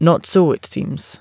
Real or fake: real